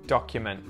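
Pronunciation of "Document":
In 'document', the final t after the n is muted.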